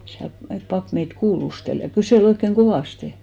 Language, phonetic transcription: Finnish, siälp , pap meit "kuulustel , ja 'kysèl ‿oikkeŋ "ɢovàste .
- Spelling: siellä pappi meitä kuulusteli ja kyseli oikein kovasti

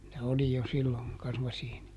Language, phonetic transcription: Finnish, ne ˈoli jo ˈsilloŋ ˈkasmasiini .
- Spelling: ne oli jo silloin kasmasiini

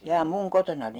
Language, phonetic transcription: Finnish, jaa 'muŋ 'kotonani ?
- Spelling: jaa minun kotonani

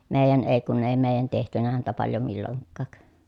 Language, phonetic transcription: Finnish, mèi̮jän èi̮ kun èi̮ mèi̮jän tehtynä häntä paljo milloŋkkàk .
- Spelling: meidän ei kun ei meidän tehty häntä paljon milloinkaan

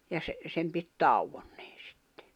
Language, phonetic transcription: Finnish, ja se , 'sem pit "tauᴠᴏɴɴᴇᴇ sɪttᴇ .
- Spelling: ja se sen piti tauonneen sitten

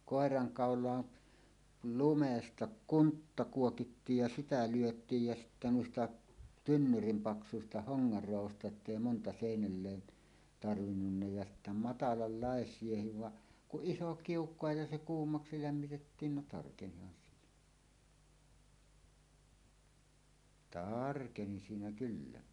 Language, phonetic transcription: Finnish, kòeraŋ'kàol̀aan , lumesta "kuntta "kuokittiij ja "sitä 'lyöt̀iij jä sittä 'nuista , "tynnyrim 'paksusista "hoŋŋar 'roavosta ettei 'monta 'sèinälleen , tarvinnunna ja sittä "matalallàes̀iehiv va , kuˀ "ˀiso "kiuk̀oa ja 'se "kuummaksi 'lämmitettiin no tarkenihan siinä , "tarkeni 'siinä 'kyllä .
- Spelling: koirankaulaan lumesta kuntta kuokittiin ja sitä lyötiin ja sitten nosta tynnyrin paksuisista hongan raadosta että ei monta seinälle tarvinnut ja sitten matalanlaisiakin vaan kun iso kiuas ja se kuumaksi lämmitettiin no tarkenihan siinä tarkeni siinä kyllä

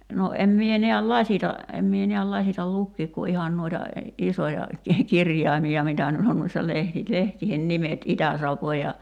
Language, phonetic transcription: Finnish, no , 'em mie 'neäl "laśita , 'em mie ni̬äl 'lasital "lukkiik ku 'ihan nuoita 'isoja , ki- , 'kirjaimi₍a mitä nyt on nuoissa 'lehti- , 'lehtiihen 'nimet "Itäsavvoo ja ,.
- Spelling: no en minä näe lasitta en minä näe lasitta lukea kuin ihan noita isoja - kirjaimia mitä nyt on noissa - lehtien nimet Itäsavoa ja

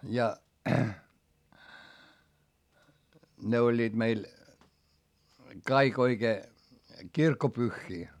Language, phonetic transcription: Finnish, ja , ne oĺĺiiD meil , kaik oikee , kirkkopyχχii .
- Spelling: ja ne olivat meillä kaikki oikein kirkkopyhiä

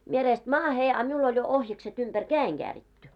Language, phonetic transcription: Finnish, mie reest 'maahe , a miul oĺ jo 'ohjakset umʙär "kää₍eŋ 'ɢääritty .
- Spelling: minä reestä maahan a minulla oli jo ohjakset ympäri käden kääritty

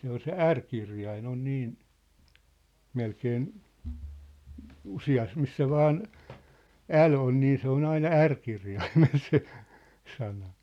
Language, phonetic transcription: Finnish, se ‿on se "ärkirjai'n ‿on̆ 'niin , 'melkeen , "usi₍as 'missä 'vaan , "äl on nii 'se ‿on 'aina "ärkirjaimel se , sana .
- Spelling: se on se r-kirjain on niin melkein useassa missä vain l-kirjain on niin se on aina r-kirjaimella se sana

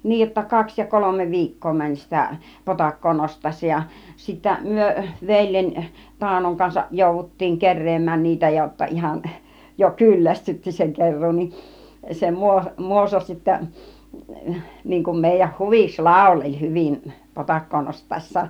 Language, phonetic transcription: Finnish, 'niij jotta 'kaks ja 'kolom̀e viik̀koo 'mäń sitä , 'potak̀koo 'nost̆tàissa ja , sittä , 'myöˀ , 'veĺjeń , 'Tàunoŋ kansaˀ , 'jòuvuttiiŋ "ker̆reem̆mään 'niitä jotta ihan , jo "kyllästytti se 'ker̆ruu niˀ , se 'Muo- , 'Muoso sittä , niiŋ kum 'mèijäh "huviks "làuleĺ 'hyvin , 'potak̀koo 'nost̆tàis̆saan .
- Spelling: niin jotta kaksi ja kolme viikkoa meni sitä potakkaa nostaessa ja sitten me veljen Taunon kanssa jouduttiin keräämään niitä jotta ihan jo kyllästytti se keruu niin se - Muoso sitten niin kuin meidän huviksi lauleli hyvin potakkaa nostaessaan

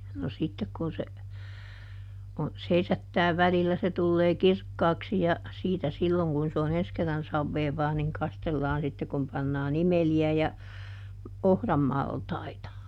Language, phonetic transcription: Finnish, no ˈsittek kun se , on , "seisättää ˈvälillä se ˈtullee "kirkkaaksi ja , ˈsiitä "silloŋ kun se o"n ‿ens kerran ˈsavveevaa niŋ ˈkastellaan sitte kum ˈpannaa"n ‿imeli₍ä ja , "ohram̀altaita .
- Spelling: no sitten kun se on seisattaa välillä se tulee kirkkaaksi ja siitä silloin kun se on ensi kerran saveavaa niin kastellaan sitten kun pannaan imeliä ja ohramaltaita

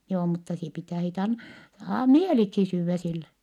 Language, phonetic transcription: Finnish, » joo mutta sie pitä sit an- , a- mieliksi syyvvä sille . »
- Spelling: joo mutta sinä pitää sitten - - mieliksi syödä sille

